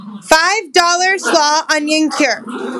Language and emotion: English, disgusted